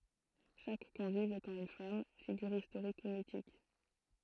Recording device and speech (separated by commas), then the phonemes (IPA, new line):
throat microphone, read sentence
ʃak kɔ̃viv etɑ̃ yn fam fiɡyʁ istoʁik u mitik